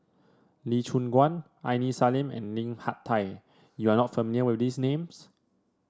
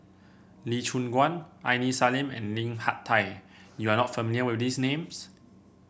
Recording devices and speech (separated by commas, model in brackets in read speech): standing microphone (AKG C214), boundary microphone (BM630), read sentence